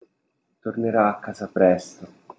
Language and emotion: Italian, sad